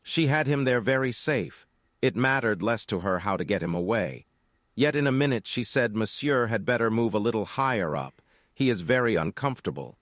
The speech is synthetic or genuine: synthetic